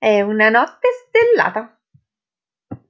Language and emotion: Italian, happy